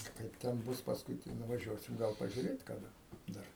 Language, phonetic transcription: Lithuanian, ˈkaip ten ˈbus pasˈkui tai nuvaˈžiuosim ˈgal pažiuˈrėt kaˈda ˈdar

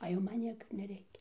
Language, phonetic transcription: Lithuanian, a ˈjau ˈman ˈnieka ir neˈreikia

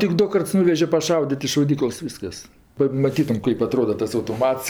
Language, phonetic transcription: Lithuanian, tik ˈdu ˈkarts ˈnuveže paˈšaudit' i šauˈdyklas ˈvyskas pamaˈtytum ˈkaip aˈtroda tas autoˈmats

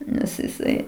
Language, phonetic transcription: Lithuanian, ˈnes jiˈsai

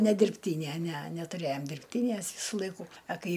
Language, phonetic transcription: Lithuanian, ne dirbˈtynæ næ nætuˈræjom dirbˈtynæs ˈvysu ˈlaikų a ˈkai

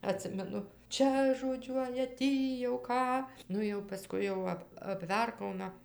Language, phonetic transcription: Lithuanian, aˈtsimenu ˈčia žoˈdžiuoja ˈtį jau ˈką ˈnu jau paˈskui jau ˈap apˈverkauna

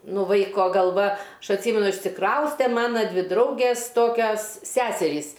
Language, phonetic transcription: Lithuanian, ˈnū ˈvaiko galˈva ˈaš atˈsymenu išsiˈkrauste ˈmana ˈdvi ˈdraugės ˈtokias ˈseserys

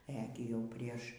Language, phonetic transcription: Lithuanian, ˈe gi ˈjau ˈprieš

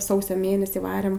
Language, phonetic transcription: Lithuanian, ˈsausio ˈmėnesį ˈvarėm

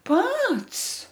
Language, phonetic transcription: Lithuanian, ˈpats

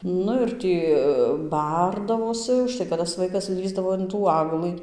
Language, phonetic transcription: Lithuanian, ˈnu ir ˈtį ˈbardavosi užˈtai kad tas ˈvaikas ˈlįsdavo in tų ˈaglɨ

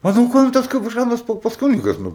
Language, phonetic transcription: Lithuanian, a no ˈko jam ˈtas kap ˈžanas ˈpopas ˈkunigas ˈnu

